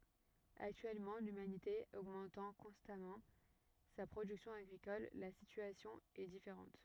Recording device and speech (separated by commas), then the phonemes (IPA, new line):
rigid in-ear microphone, read sentence
aktyɛlmɑ̃ lymanite oɡmɑ̃tɑ̃ kɔ̃stamɑ̃ sa pʁodyksjɔ̃ aɡʁikɔl la sityasjɔ̃ ɛ difeʁɑ̃t